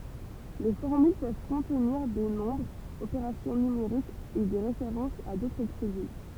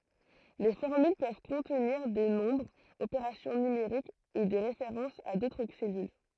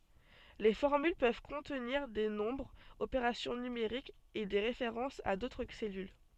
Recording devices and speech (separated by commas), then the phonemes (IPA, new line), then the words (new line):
temple vibration pickup, throat microphone, soft in-ear microphone, read sentence
le fɔʁmyl pøv kɔ̃tniʁ de nɔ̃bʁz opeʁasjɔ̃ nymeʁikz e de ʁefeʁɑ̃sz a dotʁ sɛlyl
Les formules peuvent contenir des nombres, opérations numériques et des références à d'autres cellules.